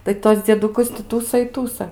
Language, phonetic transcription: Lithuanian, tai ˈtuos dzieduˈkus ti ˈtųsa i ˈtųsa

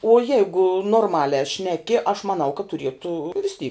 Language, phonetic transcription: Lithuanian, o ˈjeigu norˈmaliā ˈšneki aš maˈnau kad tuˈrietų vis ty

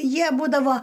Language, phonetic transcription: Lithuanian, ˈjie ˈbūdavo

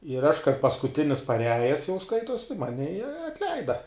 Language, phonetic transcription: Lithuanian, ir aš kaip paskuˈtinis paˈriajes jau ˈskaituos tai ˈmani i atˈleida

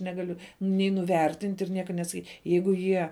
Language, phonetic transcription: Lithuanian, negaˈliu nei nuˈvertint' ir ˈnieka nesaˈkyt' ˈjeigu ˈjie

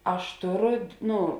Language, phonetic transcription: Lithuanian, ˈaš ˈtoˌro ˈnu

